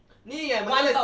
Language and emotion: Thai, angry